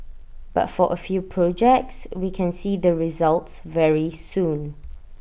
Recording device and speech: boundary microphone (BM630), read sentence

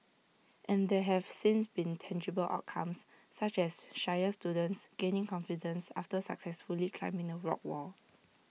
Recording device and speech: mobile phone (iPhone 6), read sentence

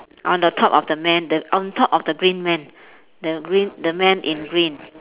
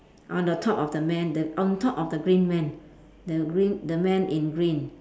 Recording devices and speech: telephone, standing microphone, conversation in separate rooms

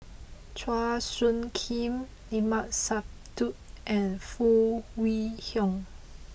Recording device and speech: boundary microphone (BM630), read sentence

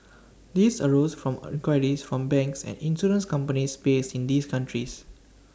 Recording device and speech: standing microphone (AKG C214), read sentence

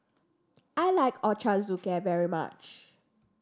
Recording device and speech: standing microphone (AKG C214), read sentence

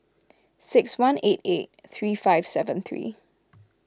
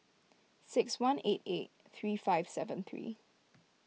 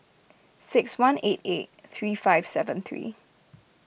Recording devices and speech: close-talking microphone (WH20), mobile phone (iPhone 6), boundary microphone (BM630), read sentence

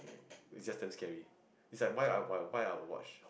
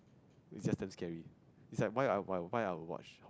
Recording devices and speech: boundary microphone, close-talking microphone, conversation in the same room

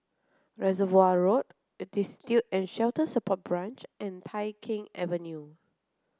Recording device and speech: close-talking microphone (WH30), read sentence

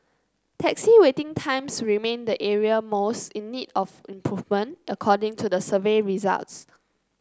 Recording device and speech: close-talking microphone (WH30), read sentence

